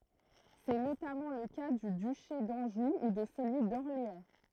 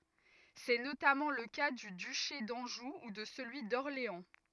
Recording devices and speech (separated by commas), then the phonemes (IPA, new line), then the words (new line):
throat microphone, rigid in-ear microphone, read sentence
sɛ notamɑ̃ lə ka dy dyʃe dɑ̃ʒu u də səlyi dɔʁleɑ̃
C'est notamment le cas du duché d'Anjou ou de celui d'Orléans.